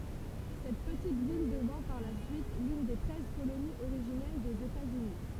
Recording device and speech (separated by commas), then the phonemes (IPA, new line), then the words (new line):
temple vibration pickup, read sentence
sɛt pətit vil dəvɛ̃ paʁ la syit lyn de tʁɛz koloniz oʁiʒinɛl dez etaz yni
Cette petite ville devint par la suite l'une des Treize colonies originelles des États-Unis.